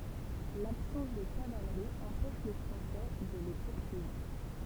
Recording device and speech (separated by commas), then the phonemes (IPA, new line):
temple vibration pickup, read sentence
labsɑ̃s də kavalʁi ɑ̃pɛʃ le fʁɑ̃sɛ də le puʁsyivʁ